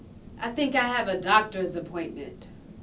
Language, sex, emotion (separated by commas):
English, female, neutral